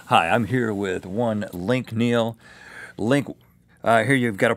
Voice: dramatic voice